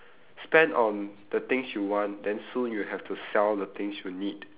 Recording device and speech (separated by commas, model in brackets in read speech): telephone, conversation in separate rooms